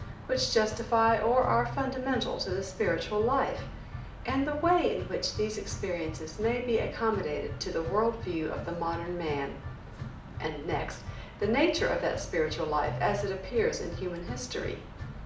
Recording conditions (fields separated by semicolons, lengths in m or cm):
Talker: one person; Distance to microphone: 2.0 m; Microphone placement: close; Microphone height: 99 cm; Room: medium-sized (5.7 m by 4.0 m); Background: music